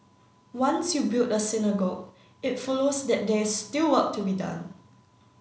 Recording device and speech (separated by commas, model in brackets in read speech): mobile phone (Samsung C9), read sentence